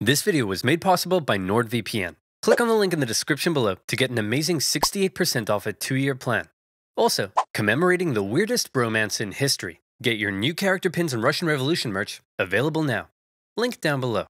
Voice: Deeply Voice